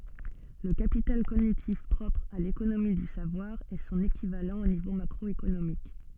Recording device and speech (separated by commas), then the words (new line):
soft in-ear microphone, read sentence
Le capital cognitif propre à l'économie du savoir est son équivalent au niveau macroéconomique.